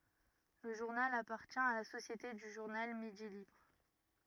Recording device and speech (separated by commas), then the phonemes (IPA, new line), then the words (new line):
rigid in-ear microphone, read sentence
lə ʒuʁnal apaʁtjɛ̃ a la sosjete dy ʒuʁnal midi libʁ
Le journal appartient à la Société du Journal Midi Libre.